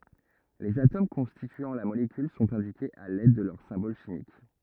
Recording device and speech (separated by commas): rigid in-ear microphone, read sentence